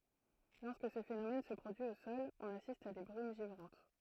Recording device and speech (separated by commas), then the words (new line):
throat microphone, read sentence
Lorsque ce phénomène se produit au sol, on assiste à des brumes givrantes.